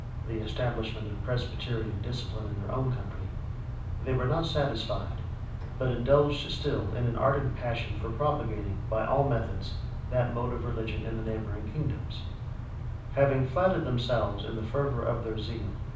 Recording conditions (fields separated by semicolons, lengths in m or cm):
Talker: one person; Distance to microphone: 5.8 m; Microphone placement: far; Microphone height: 1.8 m; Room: medium-sized (5.7 m by 4.0 m); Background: none